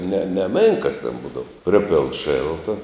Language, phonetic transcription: Lithuanian, ne neˈmėnkas ten ˈbūdava ˈpripėln ˈšėlta

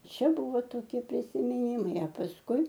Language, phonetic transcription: Lithuanian, ˈčia ˈbuvo toˈkie prisimiˈnimai a pasˈkui

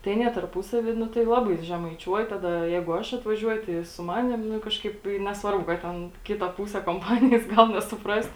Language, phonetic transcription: Lithuanian, tai aˈnie tarˈpūsavy ˈnu tai ˈlabai žemaiˈčiuoj ˈtada ˈjeigu ˈaš atvaˈžiuoju tai i su ˈmanim ˈnu ˈkažkaip i nesˈvarbu ˈkad ten ˈkita ˈpūse komˈpanijas ˈgal nesuˈprast

